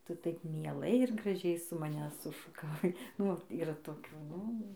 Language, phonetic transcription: Lithuanian, ˈtu ˈtaip mieˈlai ir graˈžiai su maˈne sušukaˈvai ˈnu vat yˈra toˈkių ˈnu

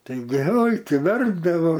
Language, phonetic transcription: Lithuanian, taiˈgi oi ˈtai ˈverpdavo

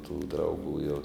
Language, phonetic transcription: Lithuanian, tų drauˈgų jau

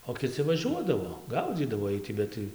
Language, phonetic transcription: Lithuanian, o kiˈci vaˈžiuodavo ˈgaudzydavo ˈiej ti ˈbet tai

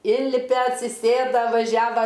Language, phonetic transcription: Lithuanian, ˈinlipe atsiˈsėda vaˈžiava

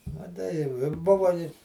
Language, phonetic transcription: Lithuanian, maˈtai jau i ˈbuva i

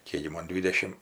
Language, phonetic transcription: Lithuanian, ˈkėk gi ˈmon ˈdvydešim

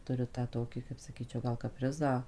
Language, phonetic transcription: Lithuanian, ˈturi tą ˈtoki kaip saˈkyčiau gal kaˈprizą

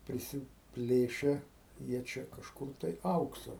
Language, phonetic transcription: Lithuanian, prisiˈplėše jie ˈčia kažˈkur tai ˈauksa

